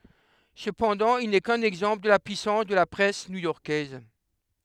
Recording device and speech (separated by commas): headset microphone, read sentence